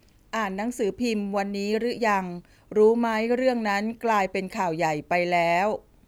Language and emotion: Thai, neutral